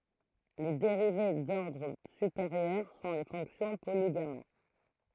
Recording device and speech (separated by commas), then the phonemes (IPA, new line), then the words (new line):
throat microphone, read sentence
le deʁive dɔʁdʁ sypeʁjœʁ sɔ̃ le fɔ̃ksjɔ̃ poliɡama
Les dérivées d'ordre supérieur sont les fonctions polygamma.